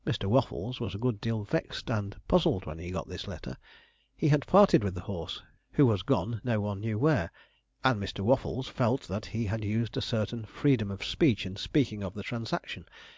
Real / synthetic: real